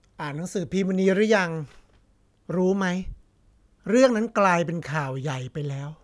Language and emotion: Thai, frustrated